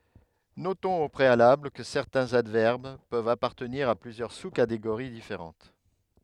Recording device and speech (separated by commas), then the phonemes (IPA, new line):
headset microphone, read sentence
notɔ̃z o pʁealabl kə sɛʁtɛ̃z advɛʁb pøvt apaʁtəniʁ a plyzjœʁ su kateɡoʁi difeʁɑ̃t